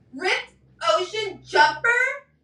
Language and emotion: English, disgusted